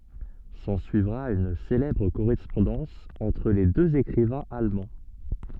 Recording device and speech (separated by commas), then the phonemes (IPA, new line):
soft in-ear microphone, read sentence
sɑ̃syivʁa yn selɛbʁ koʁɛspɔ̃dɑ̃s ɑ̃tʁ le døz ekʁivɛ̃z almɑ̃